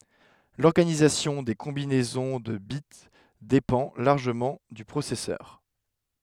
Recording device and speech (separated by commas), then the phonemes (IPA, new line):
headset microphone, read sentence
lɔʁɡanizasjɔ̃ de kɔ̃binɛzɔ̃ də bit depɑ̃ laʁʒəmɑ̃ dy pʁosɛsœʁ